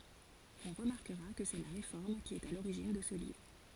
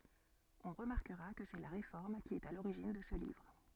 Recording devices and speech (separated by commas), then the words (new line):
forehead accelerometer, soft in-ear microphone, read sentence
On remarquera que c'est la Réforme qui est à l'origine de ce livre.